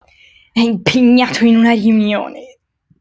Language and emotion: Italian, angry